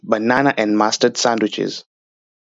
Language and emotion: English, happy